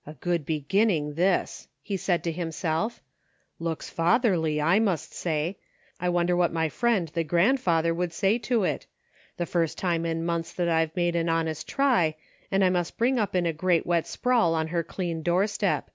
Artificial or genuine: genuine